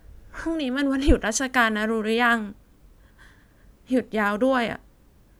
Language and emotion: Thai, sad